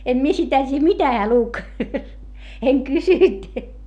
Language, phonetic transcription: Finnish, em mie sitä tiiʲᵃ̈ mitä heä luk , eŋ kysynt .
- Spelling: en minä sitä tiedä mitä hän luki en kysynyt

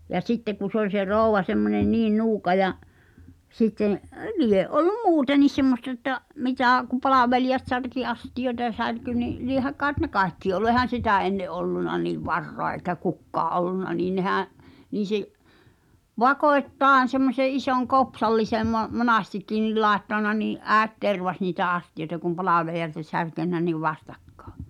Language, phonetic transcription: Finnish, ja "sitte ku sᵉ ‿oĺ se 'ròuva semmonen "niin 'nuuka ja’ , sitteḛ , "lie’ '’ol̆lum "muuten̆nis semmostᵃ ᵉtta͕’ , 'mitä̀ , ku 'palàvelijat särki "astijoĕta ʿʲᵃʾ 'särky ni , 'liehä kaaᵉt ne "kài̬kki olu ehän̬ 'sitä ’enne’ '’olluna nìv "varroa eikä "kukkaa’ ’ol̆lunna nii 'nehää̰ , niiⁿ̬ sᵉ̭ , "vakò̳e̳t"taaᵉn̬ semmose 'isoŋ "kopsallisem mo- , "monastikki nil 'làettan̆na nii’ "’ääᵉt 'tervas niitä 'astijoĕta kum 'palàvelija(lt ‿ol) särkennä niv 'vastakkᴀᴀ .
- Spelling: ja sitten kun se oli se rouva semmoinen niin nuuka ja sitten lie ollut muutenkin semmoista että mitä kun palvelijat särki astioita ja särkyi niin lie kai ne kaikki ollut eihän sitä ennen ollut niin varaa eikä kukaan ollut niin nehän niin se vakoittain semmoisen ison kopsallisen - monestikin niin laittanut niin äiti tervasi niitä astioita kun palvelijat oli särkenyt niin vastakkain

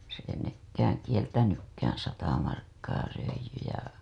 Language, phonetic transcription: Finnish, s ‿ei 'nekkääŋ "kieltänykkäää̰ 'sata markkaa röij̆jy ja .
- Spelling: se ei nekään kieltänytkään sata markkaa röijy ja

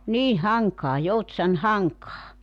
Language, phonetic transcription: Finnish, 'niin̬ 'Haŋkaa 'Joutsan "Haŋkaa .
- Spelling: niin Hankaa Joutsan Hankaa

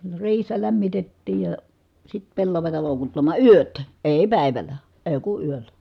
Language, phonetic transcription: Finnish, ne riihessä lämmitettiij ja , sit pellavata lòukuttamà yöt , èi̮ pä̀i̮väl̆lä , èi̮ ku yöllä .
- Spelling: ne riihessä lämmitettiin ja sitten pellavaa loukuttamaan yöt ei päivällä ei kun yöllä

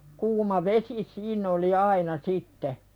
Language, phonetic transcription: Finnish, kuuma 'vesi "siiǹ ‿oli 'aina sitte .
- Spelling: kuuma vesi siinä oli aina sitten

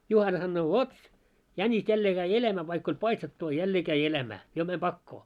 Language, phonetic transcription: Finnish, 'Juhana sannoo » 'vot , 'jäńis 'jällee käi "eläämää vaikk ‿oĺ 'paistettu a 'jällee käi 'elämää , jo mäm 'ʙakkoo « .
- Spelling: Juhana sanoo vot jänis jälleen kävi elämään vaikka oli paistettu a jälleen kävi elämää jo meni pakoon

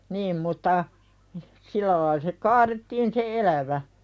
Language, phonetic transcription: Finnish, 'niim mutta , sil̆lä lail se 'kaarettiin se "elävä .
- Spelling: niin mutta sillä lailla se kaadettiin se elävä

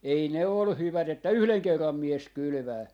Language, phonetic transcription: Finnish, 'ei ne ol 'hyvät ‿että "yhleŋ "kerram 'mies 'kylʸvää .
- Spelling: ei ne ole hyvät että yhden kerran mies kylvää

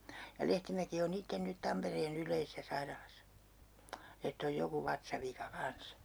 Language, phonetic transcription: Finnish, ja "Lehtimäki o'n ‿itten 'nyt 'Tamperee'n ‿yl̀eisesä 'sairalasa , ett ‿oj 'joku 'vatsavika 'kans .
- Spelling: ja Lehtimäki on itse nyt Tampereen yleisessä sairaalassa että on joku vatsavika kanssa

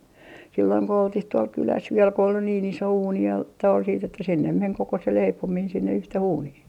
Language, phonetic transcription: Finnish, silloiŋ ko 'oltih 'tuol "kyläs viel ko ol niin 'iso 'uuni ja , toi siit että sinnem meŋ koko se 'leipomiin sinne 'yhteh 'uunih .
- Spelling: silloin kun oltiin tuolla kylässä vielä kun oli niin iso uuni ja tuo sitten että sinne meni koko se leipominen sinne yhteen uuniin

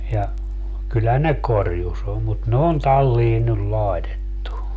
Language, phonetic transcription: Finnish, ja , kyllä 'ne "korjus om mut ne on 'tallii nyl 'laetettu .
- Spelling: ja kyllä ne korjussa on mutta ne on talliin nyt laitettu

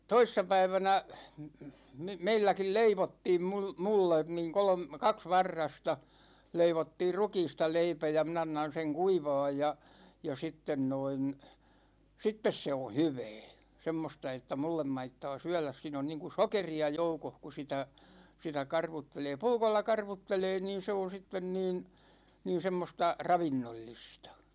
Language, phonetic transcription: Finnish, 'toissapäivänä , 'meilläkil "leivottiim mul- , 'mullen niiŋ 'kolᵒm- , 'kaks 'varrasta , 'leivottiir "rukiista 'leipä ja , mi'n ‿annan seŋ 'kuivaaj ja , ja 'sitten noin , 'sittes se o "hyvɛɛ , 'semmosta että 'mullem maittaa 'syɛ ̯läs siin ‿on niiŋku "sokeri₍a 'joukoh ku 'sitä , sitä 'karvuttelee "puukolla 'karvuttelee niin 'se on̬ 'sitten niin , niin̬ 'semmosta , 'ravinnollistA .
- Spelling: toissapäivänä meilläkin leivottiin - minulle niin - kaksi varrasta leivottiin rukiista leipä ja minä annan sen kuivaa ja ja sitten noin sitten se on hyvää semmoista että minulle maittaa syödä - siinä on niin kuin sokeria joukossa kun sitä sitä karvuttelee puukolla karvuttelee niin se on sitten niin niin semmoista ravinnollista

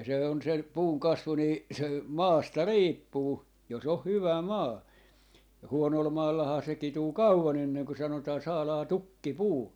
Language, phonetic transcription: Finnish, ja 'se on 'se , 'puuŋ "kasvu nii , se , "maasta "riippuu 'jos ‿oh "hyvä "maa , "huonol 'maallahaa se 'kituu "kauva'n ‿enneŋko sanotaa 'saalaa "tukki"puu .
- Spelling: ja se on se puun kasvu niin se maasta riippuu jos on hyvä maa huonolla maallahan se kituu kauan ennen kuin sanotaan saadaan tukkipuu

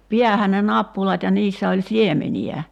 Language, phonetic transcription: Finnish, 'piähän ne "nappulat ja 'niissä oĺ "siemeni₍ä .
- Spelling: päähän ne nappulat ja niissä oli siemeniä

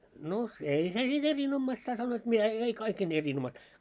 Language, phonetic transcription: Finnish, no , 'ei se niin 'erin'ommaista a sannoit mitä , e- ei 'kaikkein erinommaista .
- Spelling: no ei se niin erinomaista a sanoivat mitä - ei kaikkein erinomaista

